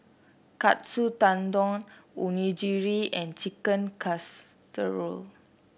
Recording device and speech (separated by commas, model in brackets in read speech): boundary microphone (BM630), read sentence